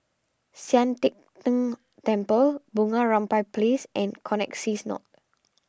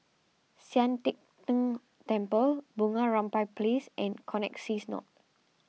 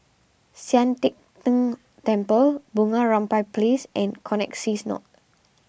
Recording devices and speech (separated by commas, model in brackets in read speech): standing microphone (AKG C214), mobile phone (iPhone 6), boundary microphone (BM630), read sentence